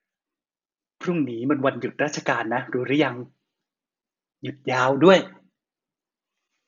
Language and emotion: Thai, happy